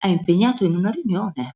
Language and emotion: Italian, surprised